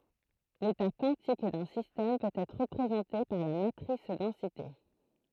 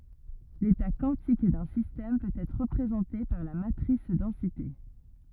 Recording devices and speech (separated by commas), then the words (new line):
throat microphone, rigid in-ear microphone, read sentence
L'état quantique d'un système peut être représenté par la matrice densité.